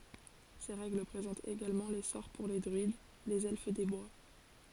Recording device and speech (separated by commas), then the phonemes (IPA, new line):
forehead accelerometer, read sentence
se ʁɛɡl pʁezɑ̃tt eɡalmɑ̃ le sɔʁ puʁ le dʁyid lez ɛlf de bwa